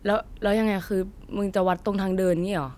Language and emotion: Thai, frustrated